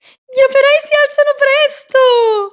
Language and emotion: Italian, happy